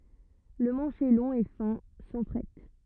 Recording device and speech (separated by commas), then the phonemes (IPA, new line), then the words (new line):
rigid in-ear microphone, read sentence
lə mɑ̃ʃ ɛ lɔ̃ e fɛ̃ sɑ̃ fʁɛt
Le manche est long et fin, sans frettes.